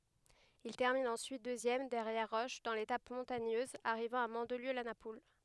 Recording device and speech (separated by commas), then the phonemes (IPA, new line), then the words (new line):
headset microphone, read sentence
il tɛʁmin ɑ̃syit døzjɛm dɛʁjɛʁ ʁɔʃ dɑ̃ letap mɔ̃taɲøz aʁivɑ̃ a mɑ̃dliø la napul
Il termine ensuite deuxième derrière Roche dans l'étape montagneuse arrivant à Mandelieu-la-Napoule.